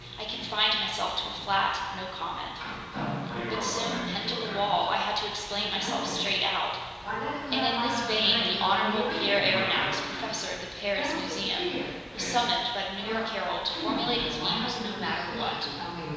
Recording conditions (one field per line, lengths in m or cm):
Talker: one person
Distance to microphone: 1.7 m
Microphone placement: close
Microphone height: 1.0 m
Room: very reverberant, large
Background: television